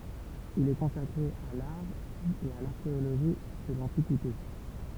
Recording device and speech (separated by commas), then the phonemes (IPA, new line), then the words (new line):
temple vibration pickup, read sentence
il ɛ kɔ̃sakʁe a laʁ e a laʁkeoloʒi də lɑ̃tikite
Il est consacré à l'art et à l'archéologie de l'Antiquité.